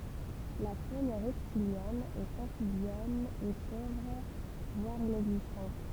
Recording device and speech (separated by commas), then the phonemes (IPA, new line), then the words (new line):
temple vibration pickup, read sentence
la fon ʁɛptiljɛn e ɑ̃fibjɛn ɛ povʁ vwaʁ inɛɡzistɑ̃t
La faune reptilienne et amphibienne est pauvre voire inexistante.